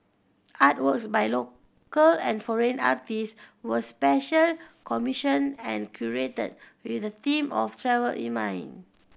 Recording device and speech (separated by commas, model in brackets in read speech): boundary microphone (BM630), read sentence